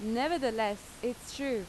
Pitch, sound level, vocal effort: 240 Hz, 87 dB SPL, very loud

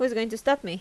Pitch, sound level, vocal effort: 225 Hz, 84 dB SPL, normal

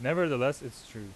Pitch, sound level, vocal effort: 130 Hz, 91 dB SPL, very loud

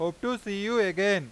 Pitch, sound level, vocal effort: 200 Hz, 97 dB SPL, very loud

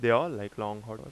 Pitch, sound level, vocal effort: 110 Hz, 88 dB SPL, normal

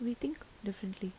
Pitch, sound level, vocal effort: 205 Hz, 76 dB SPL, soft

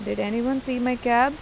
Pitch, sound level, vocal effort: 250 Hz, 87 dB SPL, normal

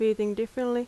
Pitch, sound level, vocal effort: 225 Hz, 85 dB SPL, normal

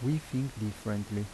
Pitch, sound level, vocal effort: 110 Hz, 80 dB SPL, soft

